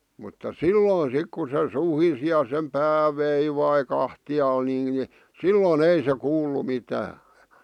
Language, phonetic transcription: Finnish, mutta "silloin 'sik ku se 'suhisi ja sem "pää "veivai "kahti₍aal nii(n) , "silloon "ei se 'kuullu 'mitää .
- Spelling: mutta silloin sitten kun se suhisi ja sen pää veivasi kahtialle niin silloin ei se kuullut mitään

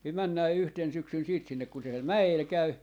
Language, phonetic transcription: Finnish, (ni) 'männää 'yhten syksyn siit sinnek kun se siel "mä₍el 'käy .
- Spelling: niin mennään yhtenä syksynä sitten sinne kun se siellä mäellä käy

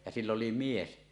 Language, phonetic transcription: Finnish, ja 'sill ‿oli 'mies .
- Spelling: ja sillä oli mies

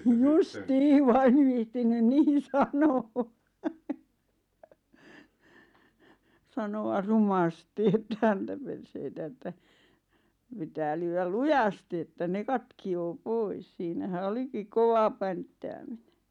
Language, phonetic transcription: Finnish, jus"tii vaa 'ev 'viihtinyn "niin̬ "sano₍ᴀ , 'sano₍ʳ' "rumasti ᵉttä 'häntäperseitä että , 'pitää lyywäl "lujasti että 'ne "katki₍oo "pois siinä-hä 'olikik "kova pänttäämine .
- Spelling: justiin vaan en viitsinyt niin sanoa sanoa rumasti että häntäperseitä että pitää lyödä lujasti että ne katkeaa pois siinähän olikin kova pänttääminen

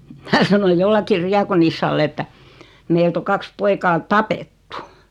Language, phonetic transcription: Finnish, 'minä sanoj 'jollakkir "riakonissall ‿että , » 'meilt ‿o 'kaks 'poikaa "tapettu « .
- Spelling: minä sanoin jollekin diakonissalle että meiltä on kaksi poikaa tapettu

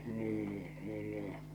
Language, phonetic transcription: Finnish, nii , niin nii .
- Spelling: niin niin niin

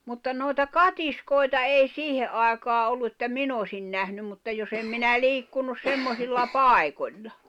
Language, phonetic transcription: Finnish, mutta nòi̬ta "katiskoi̬ta ei "siihe’ ’aekaa ollu että "min ‿osin 'nähnym mutta jos ‿em minä 'liikkunus 'semmosilla "pài̬koĺla .
- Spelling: mutta noita katiskoita ei siihen aikaan ollut että minä olisin nähnyt mutta jos en minä liikkunut semmoisilla paikoilla

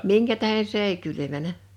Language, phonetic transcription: Finnish, 'miŋkä tähe "s ‿èi 'kylymänä !
- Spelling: minkä tähden se ei kylmännyt

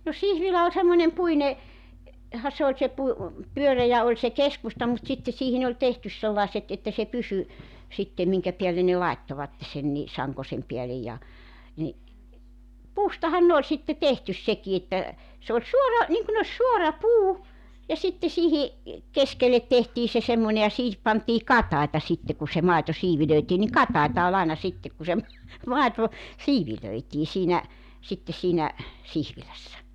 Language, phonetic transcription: Finnish, no 'sihvilä oĺ semmońem 'puine , -ha 'se oĺ se pu- , 'pyörejä oĺ se "keskusta mut 'sitte 'siihin ‿oĺ 'tehtys 'sellàeset , että se "pysy , sittem 'miŋkä piälle ne 'laettovatte sen ni , 'saŋkosem piälej ja , ni , "puustahan 'ne oĺ sitte "tehtys seki että , se oĺ 'suora , niŋkun ‿oś 'suora 'puu , ja sitte 'sihi , "keskellet tehtii se 'semmońe ja 'siihip pantii "kataita 'sitte ku se 'maeto 'siivilöitii niŋ "kataita ol 'aina 'sittek̳§ ku se ‿m- , 'màito , "siivilöitii siinä , sitte siinä , 'sihvilässä .
- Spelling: no siivilä oli semmoinen - puinenhan se oli se - pyöreä oli se keskusta mutta sitten siihen oli tehty sellaiset että se pysyi sitten minkä päälle ne laittoivat sen niin sankonsa päälle ja niin puustahan ne oli sitten tehty sekin että se oli suora niin kuin olisi suora puu ja sitten siihen keskelle tehtiin se semmoinen ja siihen pantiin katajia sitten kun se maito siivilöitiin niin katajia oli aina sitten kun se - maito siivilöitiin siinä sitten siinä siivilässä

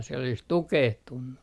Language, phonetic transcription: Finnish, siel ‿olis "tukehtunnu ,
- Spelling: siellä olisi tukehtunut

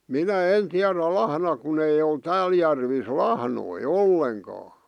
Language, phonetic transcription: Finnish, 'minä 'en 'tiärä "lahna kun ‿ei ol 'tääl järvis "lahnoi "olleŋkaa .
- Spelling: minä en tiedä lahna kun ei ole täällä järvissä lahnoja ollenkaan

